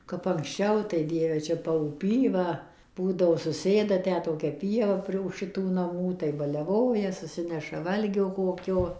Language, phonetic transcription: Lithuanian, kap ankˈsčiau tai ˈdieve ˈčia pauˈpy ˈva ˈbūdavo suˈsėda ˈtę toˈkia pieˈva pri už šiˈtų naˈmų tai baliaˈvoja suˈsineša ˈvalgio ˈkokio

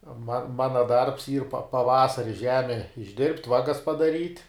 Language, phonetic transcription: Lithuanian, ma ˈmana darbs yr pa paˈvasari ˈžeme išˈdirbt' ˈvagas padaˈryt'

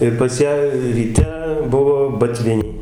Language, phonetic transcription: Lithuanian, ir pas ˈją ryˈte ˈbuvo baˈtviniai

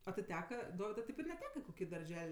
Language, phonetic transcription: Lithuanian, a ti ˈteka ˈdovidui teip ir neˈteka i koˈkį darˈžel'

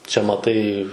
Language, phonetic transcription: Lithuanian, čia maˈtai

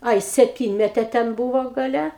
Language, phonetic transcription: Lithuanian, ˈai sepˈtynmetė ten ˈbūvo gaˈle

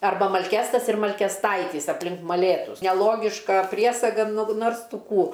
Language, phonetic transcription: Lithuanian, arˈba malˈkestas ir malkesˈtaitys apˈlink maˈlėtus neˈlogiška ˈpriesaga nu ˈnors ˈtu ˈkų

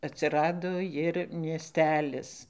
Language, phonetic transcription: Lithuanian, atsiˈrado jir mieˈstelis

